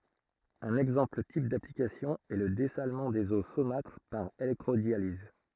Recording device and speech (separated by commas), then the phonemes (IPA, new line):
throat microphone, read sentence
œ̃n ɛɡzɑ̃pl tip daplikasjɔ̃ ɛ lə dɛsalmɑ̃ dez o somatʁ paʁ elɛktʁodjaliz